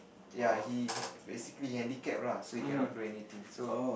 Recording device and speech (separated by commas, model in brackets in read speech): boundary microphone, conversation in the same room